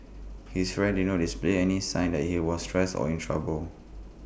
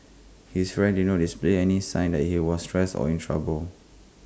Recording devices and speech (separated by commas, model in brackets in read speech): boundary microphone (BM630), close-talking microphone (WH20), read sentence